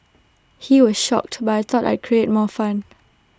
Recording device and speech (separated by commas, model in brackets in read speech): standing microphone (AKG C214), read sentence